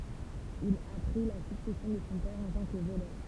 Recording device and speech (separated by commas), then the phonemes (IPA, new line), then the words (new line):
temple vibration pickup, read sentence
il a pʁi la syksɛsjɔ̃ də sɔ̃ pɛʁ ɑ̃ tɑ̃ kə volœʁ
Il a pris la succession de son père en tant que voleur.